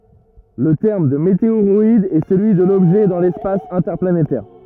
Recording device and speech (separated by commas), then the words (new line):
rigid in-ear microphone, read sentence
Le terme de météoroïde est celui de l'objet dans l’espace interplanétaire.